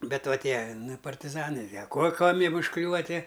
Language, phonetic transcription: Lithuanian, be ˈva ˈtie ˈnu i partiˈzanɨ a ˈko ˈkuom' ˈjiem užˈkliūva ˈtie

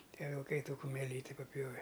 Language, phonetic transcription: Lithuanian, ˈtie vilˈkai ˈtų kumeˈlyti paˈpjove

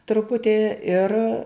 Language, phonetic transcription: Lithuanian, truˈputi ir

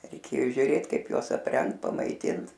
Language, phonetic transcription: Lithuanian, reiˈkėjo žiuˈrėt ˈkaip ˈjuos apˈrengt pamaiˈtint

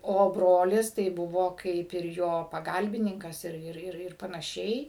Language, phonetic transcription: Lithuanian, o ˈbrolis tai ˈbuvo ˈkaip ir jo paˈgalbininkas ir ir ir ir panaˈšiai

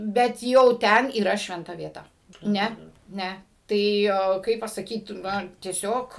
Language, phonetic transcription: Lithuanian, bet ˈjau ˈten yˈra švenˈta vieˈta ˈne ˈne ˈtai ˈo ˈkaip pasaˈkyt ˈnu tieˈsiog

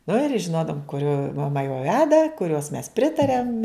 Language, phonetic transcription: Lithuanian, nu ir ˈžinodavum kuˈrio maˈma jau ˈveda kuˈrios mes ˈpritariam

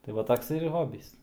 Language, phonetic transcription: Lithuanian, tai ˈva ˈtoks ir ˈhobys

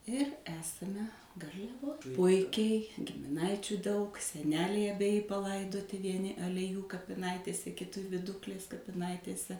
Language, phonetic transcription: Lithuanian, ir ˈesame garliaˈvoj ˈpuikiai gimiˈnaičių daug seˈneliai abeˈji paˈlaidoti vieˈni aleˈjų kapiˈnaitėse kiˈti viˈduklės kapiˈnaitėse

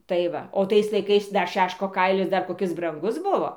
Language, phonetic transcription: Lithuanian, tai ˈva o ˈtais laiˈkais ˈdar ˈšeško ˈkailis ˈdar koˈkis branˈgus ˈbuvo

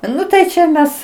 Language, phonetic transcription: Lithuanian, ˈnu tai čia ˈmes

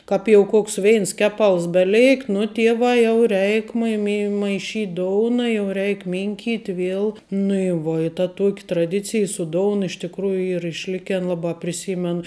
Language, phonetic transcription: Lithuanian, ˈkap jau ˈkoks ˈveins ˈkeˌpals beˈleikt nu ˈtievā jau ˈreik mai mi maiˈšyt' ˈdouna jau ˈreik ˈminkyt' ˈviel nu i ˈvuo i ta ˈtuok' traˈdicij su ˈdoun iš tikˈrųju ˈyr išˈliken labā priˈsymen

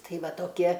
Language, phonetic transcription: Lithuanian, ˈtai ˈva toˈkie

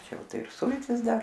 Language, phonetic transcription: Lithuanian, ˈčia ˈjau ˈtaip ˈsultis ˈdar

